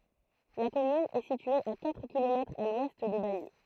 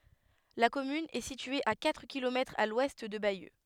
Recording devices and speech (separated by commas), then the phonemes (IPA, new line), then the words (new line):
throat microphone, headset microphone, read sentence
la kɔmyn ɛ sitye a katʁ kilomɛtʁz a lwɛst də bajø
La commune est située à quatre kilomètres à l'ouest de Bayeux.